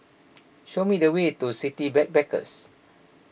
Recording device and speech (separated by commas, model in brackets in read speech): boundary microphone (BM630), read sentence